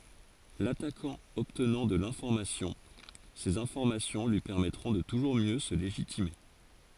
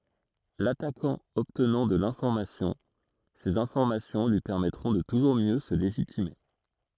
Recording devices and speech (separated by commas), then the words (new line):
forehead accelerometer, throat microphone, read sentence
L’attaquant obtenant de l’information, ces informations lui permettront de toujours mieux se légitimer.